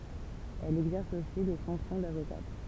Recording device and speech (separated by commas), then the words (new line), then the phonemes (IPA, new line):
temple vibration pickup, read sentence
Elle exerce aussi les fonctions d'avocate.
ɛl ɛɡzɛʁs osi le fɔ̃ksjɔ̃ davokat